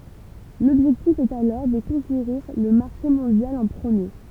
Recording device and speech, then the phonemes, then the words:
temple vibration pickup, read sentence
lɔbʒɛktif ɛt alɔʁ də kɔ̃keʁiʁ lə maʁʃe mɔ̃djal ɑ̃ pʁəmje
L’objectif est alors de conquérir le marché mondial en premier.

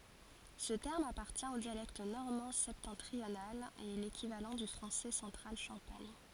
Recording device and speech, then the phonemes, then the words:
forehead accelerometer, read sentence
sə tɛʁm apaʁtjɛ̃ o djalɛkt nɔʁmɑ̃ sɛptɑ̃tʁional e ɛ lekivalɑ̃ dy fʁɑ̃sɛ sɑ̃tʁal ʃɑ̃paɲ
Ce terme appartient au dialecte normand septentrional et est l'équivalent du français central champagne.

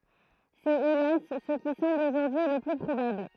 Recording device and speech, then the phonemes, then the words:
throat microphone, read sentence
sɛt elas sə ki sɑ̃bl oʒuʁdyi lə ply pʁobabl
C’est hélas ce qui semble aujourd’hui le plus probable.

